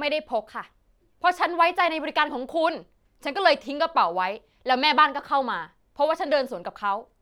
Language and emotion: Thai, angry